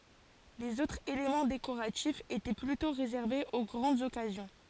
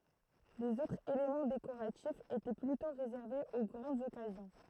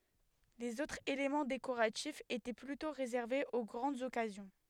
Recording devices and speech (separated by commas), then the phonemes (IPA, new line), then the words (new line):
forehead accelerometer, throat microphone, headset microphone, read sentence
lez otʁz elemɑ̃ dekoʁatifz etɛ plytɔ̃ ʁezɛʁvez o ɡʁɑ̃dz ɔkazjɔ̃
Les autres éléments décoratifs étaient plutôt réservés aux grandes occasions.